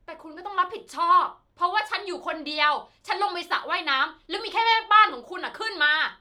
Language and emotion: Thai, angry